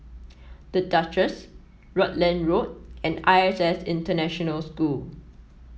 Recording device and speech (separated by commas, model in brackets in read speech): mobile phone (iPhone 7), read sentence